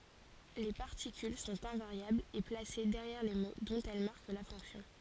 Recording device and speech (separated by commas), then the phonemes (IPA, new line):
forehead accelerometer, read sentence
le paʁtikyl sɔ̃t ɛ̃vaʁjablz e plase dɛʁjɛʁ le mo dɔ̃t ɛl maʁk la fɔ̃ksjɔ̃